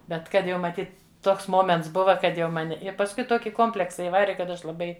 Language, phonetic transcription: Lithuanian, ˈbet ˈkad jau maˈtyt ˈtoks ˈmoments ˈbuva ˈkad ˈjau ˈmani i pasˈkui ˈtoki ˈkompleksa iˈvari kad ˈaš laˈbai

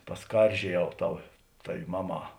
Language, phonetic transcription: Lithuanian, paˈskaržieˌjau ˈtau ˈtavi ˈmaˌmā

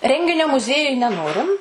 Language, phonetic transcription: Lithuanian, ˈrenginio muˈziejuj neˈnorim

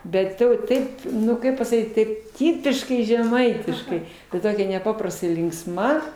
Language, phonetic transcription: Lithuanian, ˈbet ˈtau ˈtaip ˈnu ˈkaip pasaˈkyt ˈtaip ˈtipiškai žeˈmaitiškai i ˈtokia neˈpaprastai linksˈma

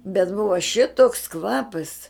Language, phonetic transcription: Lithuanian, bet ˈbuva šitoks ˈkvapas

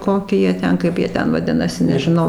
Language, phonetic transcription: Lithuanian, ˈkoki ˈjie ˈten ˈkaip jie ˈten vaˈdinasi nežiˈnau

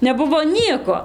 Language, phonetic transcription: Lithuanian, neˈbuvo ˈnieko

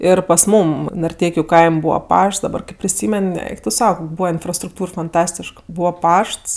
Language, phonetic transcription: Lithuanian, ˈir pas ˈmūm narˈteikiu ˈkaim' ˈbūva ˈpašts daˈbar ˈkɜp priˈsymen ˈeik tu ˈsau ˈkok' ˈbūva infrastrukˈtūr fanˈtastišk ˈbūva ˈpašts

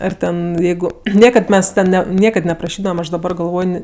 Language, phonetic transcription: Lithuanian, ˈar ˈten ˈjeigu ˈniekad ˈmes ˈten ˈne ˈniekad nepraˈšydavam ˈaš daˈbar galˈvoj ˈni

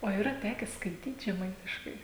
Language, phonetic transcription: Lithuanian, o yˈra ˈteke skaiˈtyt žeˈmaitiškai

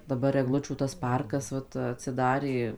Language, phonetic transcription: Lithuanian, daˈbar egˈlučių tas ˈparkas ˈvat atsiˈdarė

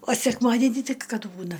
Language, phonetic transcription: Lithuanian, o sekˈmadenį ˈtik ˈkad ˈbūna

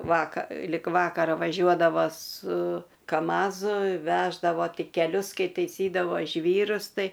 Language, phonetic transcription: Lithuanian, ˈvaka lik ˈvakara vaˈžiuodava su kaˈmazu ˈveždavo ˈti keˈlius ˈkai teiˈsydavo ˈžvyrus ˈtai

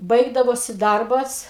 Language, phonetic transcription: Lithuanian, ˈbaigdavosi ˈdarbas

